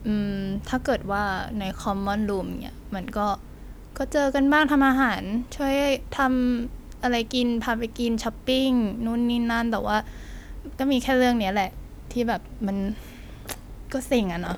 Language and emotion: Thai, frustrated